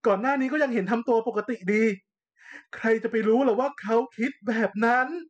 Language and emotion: Thai, sad